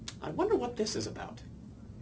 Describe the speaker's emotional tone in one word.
neutral